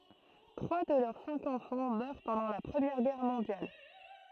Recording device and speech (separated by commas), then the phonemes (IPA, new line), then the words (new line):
throat microphone, read sentence
tʁwa də lœʁ sɛ̃k ɑ̃fɑ̃ mœʁ pɑ̃dɑ̃ la pʁəmjɛʁ ɡɛʁ mɔ̃djal
Trois de leurs cinq enfants meurent pendant la Première Guerre mondiale.